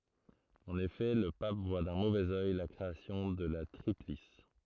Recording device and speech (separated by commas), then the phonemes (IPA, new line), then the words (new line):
throat microphone, read sentence
ɑ̃n efɛ lə pap vwa dœ̃ movɛz œj la kʁeasjɔ̃ də la tʁiplis
En effet, le pape voit d'un mauvais œil la création de la Triplice.